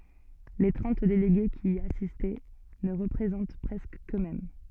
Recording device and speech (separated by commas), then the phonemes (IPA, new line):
soft in-ear microphone, read sentence
le tʁɑ̃t deleɡe ki i asist nə ʁəpʁezɑ̃t pʁɛskə køksmɛm